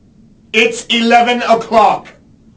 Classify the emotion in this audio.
angry